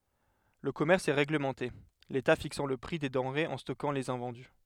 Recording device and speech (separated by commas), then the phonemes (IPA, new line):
headset microphone, read sentence
lə kɔmɛʁs ɛ ʁeɡləmɑ̃te leta fiksɑ̃ lə pʁi de dɑ̃ʁez e stɔkɑ̃ lez ɛ̃vɑ̃dy